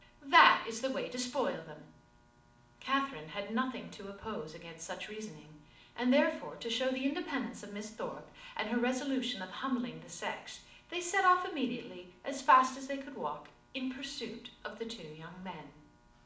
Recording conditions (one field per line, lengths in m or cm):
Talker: one person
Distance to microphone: 2.0 m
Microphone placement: close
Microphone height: 99 cm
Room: medium-sized (5.7 m by 4.0 m)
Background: none